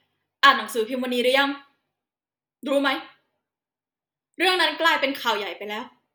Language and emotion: Thai, angry